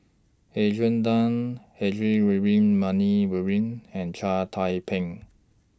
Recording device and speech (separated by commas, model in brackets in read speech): standing microphone (AKG C214), read sentence